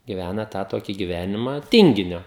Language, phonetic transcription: Lithuanian, giˈvæna ˈtą ˈtoki giˈvenimą ˈtinginio

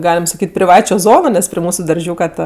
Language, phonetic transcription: Lithuanian, ˈgaliam saˈkyt' priˈvačio ˈzono nes pri ˈmūsu darˈžiūka ta

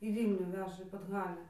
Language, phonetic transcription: Lithuanian, į ˈvylnių ˈveža į padˈhalę

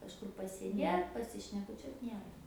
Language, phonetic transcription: Lithuanian, kažˈkur pasėˈdėt pasišnekuˈčiuot ˈniera

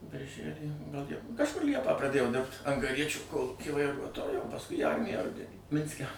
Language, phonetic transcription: Lithuanian, birˈžælį gal ˈliepą kažˈkur ˈliepą praˈdėjau dirbt angaˈriečiu ˈkolūky vaiˈruotoju o pasˈkui į ˈarmiją ˈrudenį ˈminske

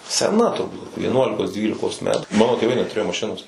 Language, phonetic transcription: Lithuanian, seˈna turˈbūt vieˈnuolikos ˈdvylikos ˈmetų ˈmano tėˈvai netuˈrėjo maˈšinos

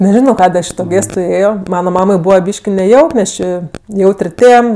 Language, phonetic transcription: Lithuanian, neˈžino ˈkadė ˈaš i to ˈgėstu ˈėjo ˈmana ˈmamai ˈbūva ˈbyški neˈjauk nes ˈči ˈjaut'r' ˈtėm

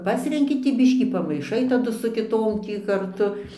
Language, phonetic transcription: Lithuanian, ˈpasrenki tį ˈbiškį pamaiˈšai taˈdu su kiˈtom ˈtį karˈtu

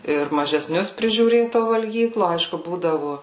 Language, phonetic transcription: Lithuanian, ir mažeˈsnius prižiūˈrėt to valˈgyklo ˈaišku ˈbūdavu

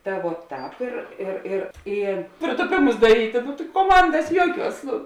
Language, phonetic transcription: Lithuanian, ˈta vuo ˈtāp ir ˈir ir ˈy prėtuˈpėmus daˈrytė nu tai koˈmandas ˈjuoˌkiuos ˈnu

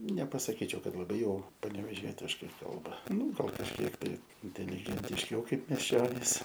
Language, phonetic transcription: Lithuanian, nepasaˈkyčiau ˈkad laˈbai ˈjau paneveˈžietiškai ˈkalba ˈnū ˈgal kažˈkiek tai inteligentišˈiau ˈkaip mieˈščionys

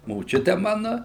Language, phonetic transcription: Lithuanian, moˈčiute ˈmanu

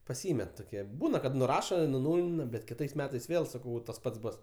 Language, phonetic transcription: Lithuanian, paˈsymet toˈkie ˈbūna kad nuˈrašo i nuˈnūlina bet kiˈtais ˈmetais ˈvėl saˈkau va tas ˈpats ˈbus

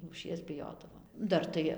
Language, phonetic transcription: Lithuanian, lūˈšies biˈjodavom ˈdar tai

